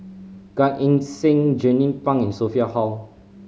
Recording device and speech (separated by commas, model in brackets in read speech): mobile phone (Samsung C5010), read sentence